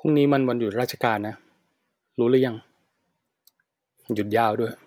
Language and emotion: Thai, frustrated